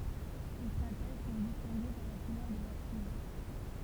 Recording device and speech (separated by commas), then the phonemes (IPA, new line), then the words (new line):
temple vibration pickup, read sentence
le stʁatɛʒ sɔ̃ distɛ̃ɡe paʁ la kulœʁ də lœʁ simje
Les stratèges sont distingués par la couleur de leur cimier.